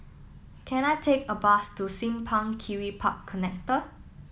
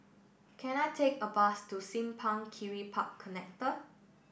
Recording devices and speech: mobile phone (iPhone 7), boundary microphone (BM630), read sentence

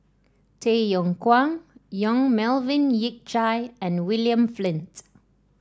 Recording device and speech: standing microphone (AKG C214), read sentence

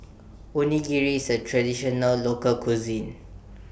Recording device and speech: boundary microphone (BM630), read sentence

